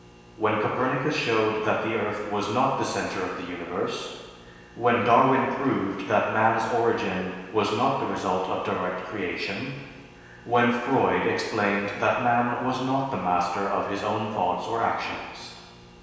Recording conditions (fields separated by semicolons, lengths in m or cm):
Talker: one person; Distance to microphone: 1.7 m; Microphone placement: close; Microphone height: 1.0 m; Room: very reverberant, large; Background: none